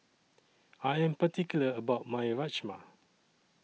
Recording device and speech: mobile phone (iPhone 6), read sentence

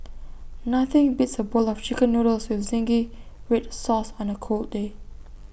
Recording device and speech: boundary microphone (BM630), read sentence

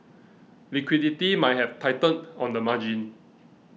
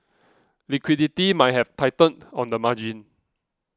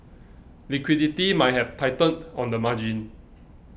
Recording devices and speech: mobile phone (iPhone 6), close-talking microphone (WH20), boundary microphone (BM630), read sentence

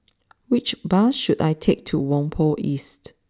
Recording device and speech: standing microphone (AKG C214), read sentence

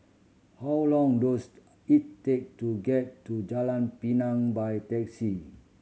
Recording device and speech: mobile phone (Samsung C7100), read sentence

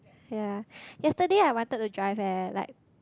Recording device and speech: close-talking microphone, conversation in the same room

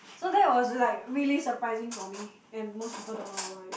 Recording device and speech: boundary microphone, conversation in the same room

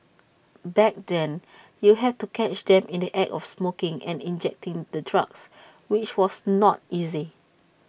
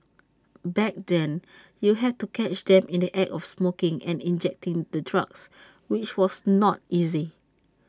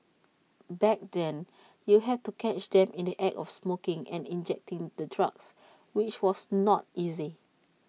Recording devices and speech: boundary microphone (BM630), standing microphone (AKG C214), mobile phone (iPhone 6), read sentence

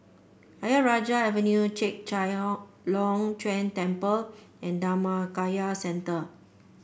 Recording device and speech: boundary microphone (BM630), read sentence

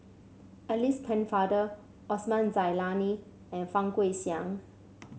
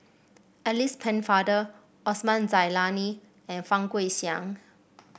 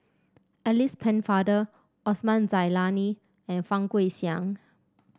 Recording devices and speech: mobile phone (Samsung C7), boundary microphone (BM630), standing microphone (AKG C214), read sentence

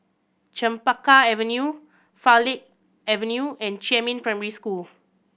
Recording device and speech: boundary microphone (BM630), read sentence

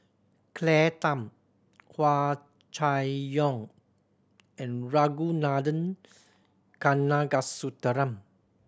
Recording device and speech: standing microphone (AKG C214), read sentence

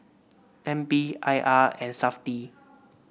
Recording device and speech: boundary microphone (BM630), read sentence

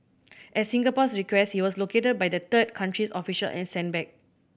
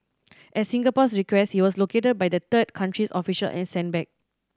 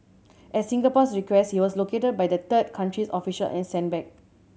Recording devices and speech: boundary microphone (BM630), standing microphone (AKG C214), mobile phone (Samsung C7100), read sentence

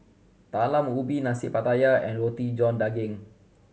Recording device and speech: mobile phone (Samsung C7100), read sentence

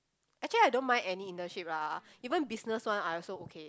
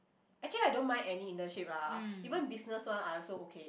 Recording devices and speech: close-talking microphone, boundary microphone, conversation in the same room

